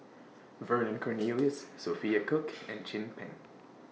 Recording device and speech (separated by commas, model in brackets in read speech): mobile phone (iPhone 6), read sentence